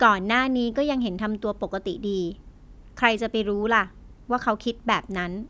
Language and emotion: Thai, frustrated